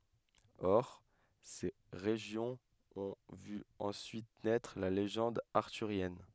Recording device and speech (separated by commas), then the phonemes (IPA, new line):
headset microphone, read sentence
ɔʁ se ʁeʒjɔ̃z ɔ̃ vy ɑ̃syit nɛtʁ la leʒɑ̃d aʁtyʁjɛn